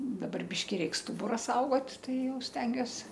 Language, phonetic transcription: Lithuanian, daˈbar ˈbiški ˈreik ˈstubura ˈsaugot ˈtai ˈjau ˈstengiuos

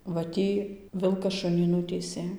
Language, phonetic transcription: Lithuanian, va ˈtį ˈvilkas ˈšunį ˈnutįsė

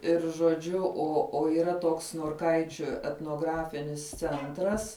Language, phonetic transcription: Lithuanian, ˈir žoˈdžiu ˈo o yˈra ˈtoks norˈkaičiu etnoˈgrafinis ˈcentras

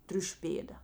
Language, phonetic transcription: Lithuanian, ˈtriušiu ˈpėda

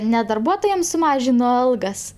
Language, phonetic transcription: Lithuanian, ne darˈbuotojam suˈmažino ˈalgas

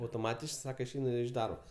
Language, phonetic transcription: Lithuanian, autoˈmatiš ˈsaka išˈeinu iš ˈdarbo

